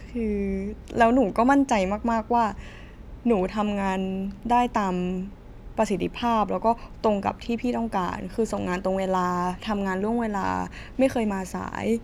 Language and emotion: Thai, frustrated